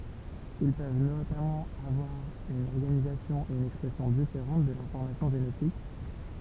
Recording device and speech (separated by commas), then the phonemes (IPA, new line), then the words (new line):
temple vibration pickup, read sentence
il pøv notamɑ̃ avwaʁ yn ɔʁɡanizasjɔ̃ e yn ɛkspʁɛsjɔ̃ difeʁɑ̃t də lɛ̃fɔʁmasjɔ̃ ʒenetik
Ils peuvent notamment avoir une organisation et une expression différente de l'information génétique.